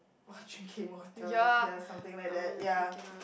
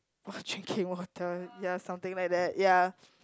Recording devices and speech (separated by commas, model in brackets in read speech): boundary microphone, close-talking microphone, conversation in the same room